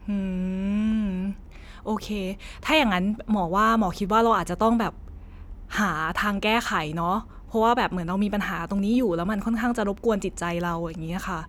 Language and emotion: Thai, neutral